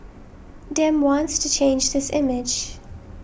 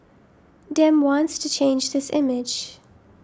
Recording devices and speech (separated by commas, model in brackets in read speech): boundary microphone (BM630), standing microphone (AKG C214), read sentence